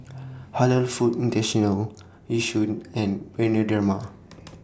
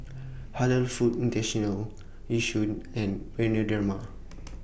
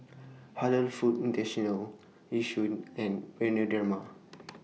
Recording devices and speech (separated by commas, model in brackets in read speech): standing microphone (AKG C214), boundary microphone (BM630), mobile phone (iPhone 6), read sentence